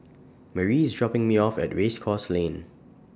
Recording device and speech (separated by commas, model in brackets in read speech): standing microphone (AKG C214), read sentence